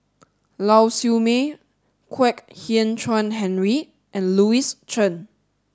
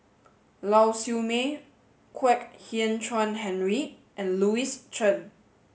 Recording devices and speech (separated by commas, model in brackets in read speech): standing microphone (AKG C214), mobile phone (Samsung S8), read sentence